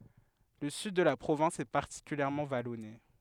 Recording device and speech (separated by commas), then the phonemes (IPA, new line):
headset microphone, read sentence
lə syd də la pʁovɛ̃s ɛ paʁtikyljɛʁmɑ̃ valɔne